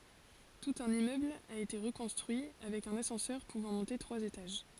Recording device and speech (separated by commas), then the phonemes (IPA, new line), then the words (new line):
forehead accelerometer, read sentence
tut œ̃n immøbl a ete ʁəkɔ̃stʁyi avɛk œ̃n asɑ̃sœʁ puvɑ̃ mɔ̃te tʁwaz etaʒ
Tout un immeuble a été reconstruit, avec un ascenseur pouvant monter trois étages.